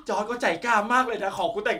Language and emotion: Thai, happy